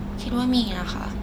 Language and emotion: Thai, neutral